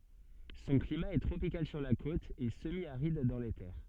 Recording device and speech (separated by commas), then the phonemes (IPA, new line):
soft in-ear microphone, read sentence
sɔ̃ klima ɛ tʁopikal syʁ la kot e səmjaʁid dɑ̃ le tɛʁ